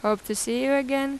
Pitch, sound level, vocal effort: 265 Hz, 87 dB SPL, normal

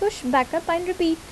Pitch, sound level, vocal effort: 335 Hz, 79 dB SPL, normal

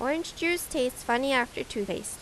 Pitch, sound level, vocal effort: 255 Hz, 85 dB SPL, normal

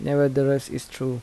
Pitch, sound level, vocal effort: 140 Hz, 80 dB SPL, soft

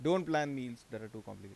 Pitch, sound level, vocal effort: 120 Hz, 90 dB SPL, normal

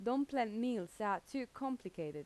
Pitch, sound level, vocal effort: 230 Hz, 86 dB SPL, normal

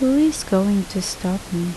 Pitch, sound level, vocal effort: 195 Hz, 75 dB SPL, soft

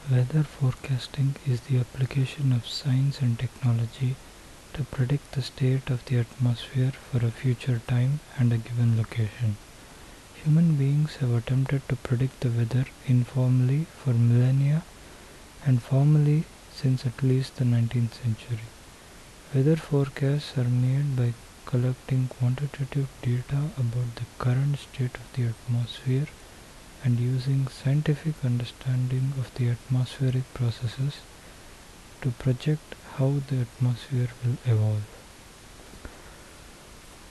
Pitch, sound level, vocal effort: 130 Hz, 70 dB SPL, soft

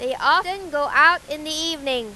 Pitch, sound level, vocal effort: 305 Hz, 102 dB SPL, very loud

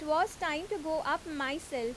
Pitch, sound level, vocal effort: 315 Hz, 88 dB SPL, loud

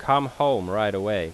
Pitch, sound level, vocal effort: 110 Hz, 91 dB SPL, loud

